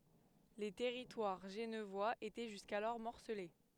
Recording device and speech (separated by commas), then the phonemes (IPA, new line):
headset microphone, read sentence
lə tɛʁitwaʁ ʒənvwaz etɛ ʒyskalɔʁ mɔʁsəle